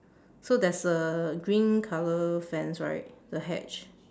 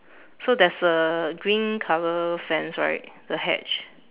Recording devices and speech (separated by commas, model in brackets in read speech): standing microphone, telephone, conversation in separate rooms